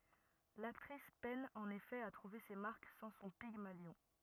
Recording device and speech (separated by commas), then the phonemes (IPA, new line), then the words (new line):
rigid in-ear microphone, read sentence
laktʁis pɛn ɑ̃n efɛ a tʁuve se maʁk sɑ̃ sɔ̃ piɡmaljɔ̃
L'actrice peine en effet à trouver ses marques sans son pygmalion.